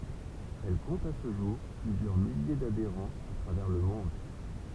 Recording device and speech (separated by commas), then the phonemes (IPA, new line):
temple vibration pickup, read sentence
ɛl kɔ̃t a sə ʒuʁ plyzjœʁ milje dadeʁɑ̃z a tʁavɛʁ lə mɔ̃d